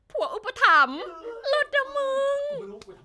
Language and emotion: Thai, happy